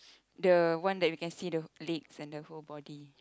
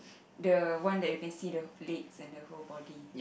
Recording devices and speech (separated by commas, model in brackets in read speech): close-talking microphone, boundary microphone, conversation in the same room